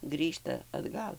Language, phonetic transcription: Lithuanian, ˈgrįžta atˈgal

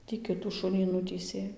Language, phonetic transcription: Lithuanian, tį ˈkitų ˈšunį ˈnutįsė

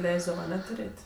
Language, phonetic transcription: Lithuanian, ˈleisdava aˈne tuˈrėt'

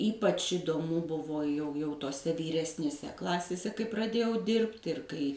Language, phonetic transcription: Lithuanian, ˈypač idoˈmu ˈbuvo jau jau toˈse vyresnėˈse ˈklasėse kai praˈdėjau ˈdirbt' ir ˈkai

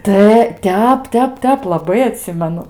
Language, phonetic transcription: Lithuanian, ˈta ˈtep ˈtep ˈtep laˈbai aˈtsimenu

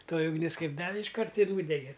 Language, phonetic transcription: Lithuanian, ˈtoji ugˈnis ˈkaip ˈdavi išˈkart ir ˈnūdege

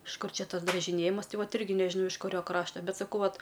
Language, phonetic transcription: Lithuanian, iš ˈkur ˈčia ˈtas dražiˈnėjimas ˈtai ˈvat ˈirgi nežiˈnau iš kuˈrio ˈkrašta ˈbet saˈkau ˈvat

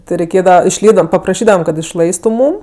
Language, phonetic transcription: Lithuanian, ˈti reiˈkėdava išˈlypdavam papraˈšydavam kad išˈlaistu ˈmūm

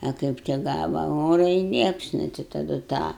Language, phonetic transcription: Lithuanian, a ˈkaip tik ˈgava ˈora i ˈliepsnu tai taˈdu tą

